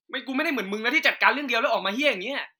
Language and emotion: Thai, angry